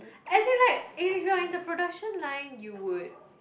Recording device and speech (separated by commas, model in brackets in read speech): boundary microphone, conversation in the same room